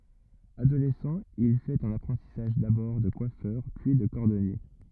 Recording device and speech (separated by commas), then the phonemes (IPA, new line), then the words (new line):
rigid in-ear microphone, read sentence
adolɛsɑ̃ il fɛt œ̃n apʁɑ̃tisaʒ dabɔʁ də kwafœʁ pyi də kɔʁdɔnje
Adolescent, il fait un apprentissage d'abord de coiffeur, puis de cordonnier.